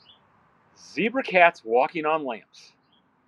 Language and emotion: English, angry